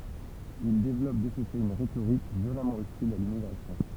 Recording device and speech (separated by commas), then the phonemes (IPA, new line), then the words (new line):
temple vibration pickup, read sentence
il devlɔp də sə fɛt yn ʁetoʁik vjolamɑ̃ ɔstil a limmiɡʁasjɔ̃
Ils développent de ce fait une rhétorique violemment hostile à l'immigration.